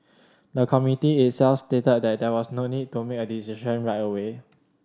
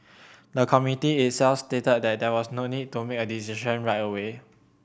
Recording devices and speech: standing microphone (AKG C214), boundary microphone (BM630), read sentence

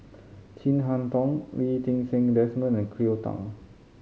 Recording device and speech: mobile phone (Samsung C5010), read sentence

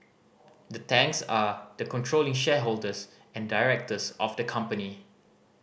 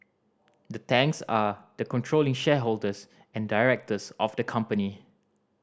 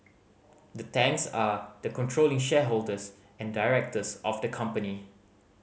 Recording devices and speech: boundary microphone (BM630), standing microphone (AKG C214), mobile phone (Samsung C5010), read sentence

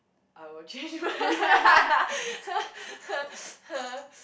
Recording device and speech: boundary microphone, conversation in the same room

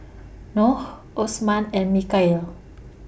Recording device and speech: boundary microphone (BM630), read sentence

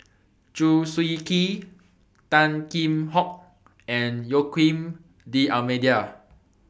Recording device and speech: boundary microphone (BM630), read sentence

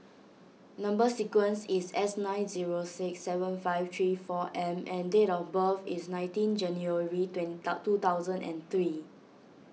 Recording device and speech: mobile phone (iPhone 6), read sentence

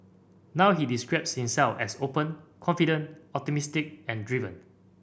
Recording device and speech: boundary microphone (BM630), read sentence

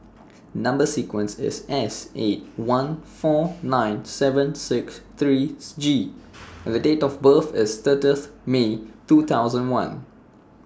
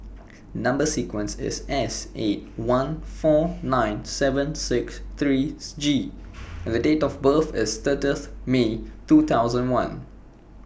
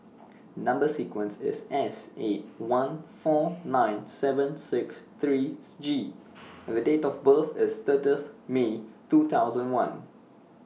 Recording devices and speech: standing microphone (AKG C214), boundary microphone (BM630), mobile phone (iPhone 6), read sentence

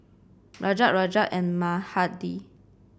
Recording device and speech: boundary microphone (BM630), read sentence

